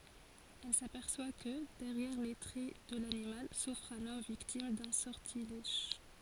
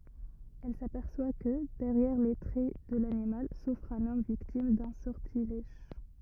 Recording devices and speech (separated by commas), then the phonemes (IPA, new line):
forehead accelerometer, rigid in-ear microphone, read sentence
ɛl sapɛʁswa kə dɛʁjɛʁ le tʁɛ də lanimal sufʁ œ̃n ɔm viktim dœ̃ sɔʁtilɛʒ